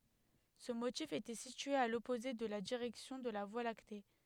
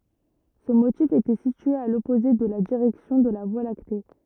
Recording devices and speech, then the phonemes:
headset microphone, rigid in-ear microphone, read sentence
sə motif etɛ sitye a lɔpoze də la diʁɛksjɔ̃ də la vwa lakte

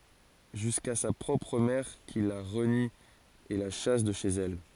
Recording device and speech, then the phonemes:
forehead accelerometer, read sentence
ʒyska sa pʁɔpʁ mɛʁ ki la ʁəni e la ʃas də ʃez ɛl

